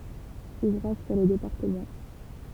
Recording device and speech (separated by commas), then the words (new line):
temple vibration pickup, read sentence
Ouvrages sur le département.